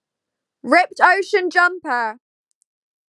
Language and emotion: English, neutral